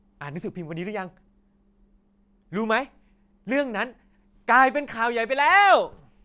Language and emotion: Thai, happy